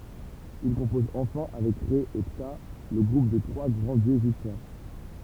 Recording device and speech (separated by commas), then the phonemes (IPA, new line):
temple vibration pickup, read sentence
il kɔ̃pɔz ɑ̃fɛ̃ avɛk ʁɛ e pta lə ɡʁup de tʁwa ɡʁɑ̃ djøz eʒiptjɛ̃